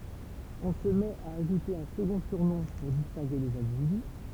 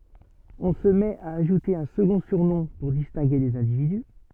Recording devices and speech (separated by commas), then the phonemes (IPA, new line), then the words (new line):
temple vibration pickup, soft in-ear microphone, read sentence
ɔ̃ sə mɛt a aʒute œ̃ səɡɔ̃ syʁnɔ̃ puʁ distɛ̃ɡe lez ɛ̃dividy
On se met à ajouter un second surnom pour distinguer les individus.